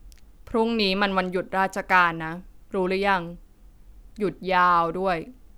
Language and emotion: Thai, neutral